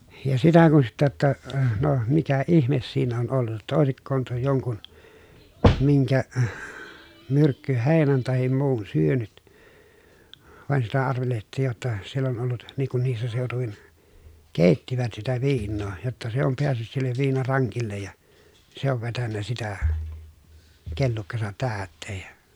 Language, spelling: Finnish, ja sitä kun sitten että no mikä ihme siinä on ollut jotta olisiko tuo jonkun minkä myrkkyheinän tai muun syönyt vaan sitä arvelehdittiin jotta siellä on ollut niin kun niissä seutuvin keittivät sitä viinaa jotta se on päässyt sille viinarankille ja se on vetänyt sitä kellukkansa täyteen ja
- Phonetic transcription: ja sitä kun sittä ‿ttä , » no , mikä ihmes siin ‿on ollut ‿ta òesikkoon tuo joŋkun , miŋkä , myrkkyhèi̮nän tahim muun syönyt » , vàen sitä arvelehᵉt̆tiij jotta , siell ‿on ollut , niiŋ kun niissä sèotuvin , kèittivät sitä viinnoo , jotta se om peässyt sillev viinaraŋkillej ja , se ov vetännä sitä , kellukkasat täätteej jA ,.

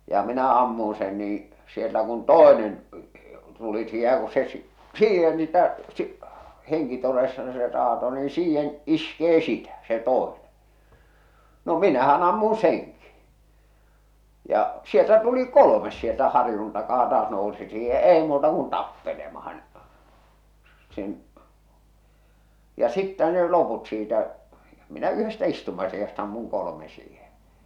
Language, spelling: Finnish, ja minä ammuin sen niin siellä kun toinen tuli siihen ja kun se - siihen niitä - henkitoreissaan se raato niin siihen iskee sitä se toinen no minähän ammuin senkin ja sieltä tuli kolmas sieltä harjun takaa taas nousi siihen ja ei muuta kuin tappelemaan sen ja sitten ne loput siitä minä yhdestä istumasijasta ammuin kolme siihen
- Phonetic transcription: ja minä 'ammun sen nii , siellä kun "tòenen , tuli siihe ja ku se , s- "siihen niitä , si- , heŋkitoreissa̳n se raato ni "siihen "iskee "sitä , se 'toene , no "minähä'n ‿ammun̬ "seŋki , ja , 'sieltä 'tuli "kolomes sieltä "harⁱjun takaa taas nousi siihe ja "èi muuta kun "tappelemahan , sen , ja 'sittä ne 'loput siitä , minä 'yhestä istumasijast ‿ammuŋ 'kolome siihen̬ .

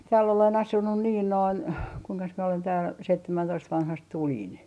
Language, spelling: Finnish, täällä olen asunut niin noin kuinkas minä olen täällä seitsemäntoista vanhasta tulin
- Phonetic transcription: 'tääll ‿olen "asunnu 'niin 'noin , kuiŋkas mie olen tääl 'seittämän'toist vanhast "tuĺin .

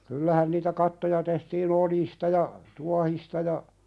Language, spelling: Finnish, kyllähän niitä kattoja tehtiin oljista ja tuohista ja
- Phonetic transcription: 'kyllähän niitä "kattoja tehtii"n ‿oljista ja , "tuahista ja ,.

